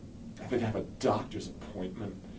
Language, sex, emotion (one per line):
English
male
angry